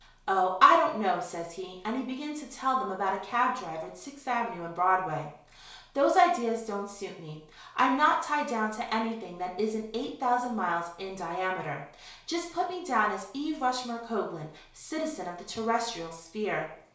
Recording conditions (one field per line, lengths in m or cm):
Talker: one person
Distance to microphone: 1.0 m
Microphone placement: close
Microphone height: 1.1 m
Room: small (3.7 m by 2.7 m)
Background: none